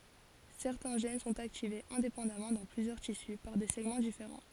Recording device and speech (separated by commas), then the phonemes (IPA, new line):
forehead accelerometer, read sentence
sɛʁtɛ̃ ʒɛn sɔ̃t aktivez ɛ̃depɑ̃damɑ̃ dɑ̃ plyzjœʁ tisy paʁ de sɛɡmɑ̃ difeʁɑ̃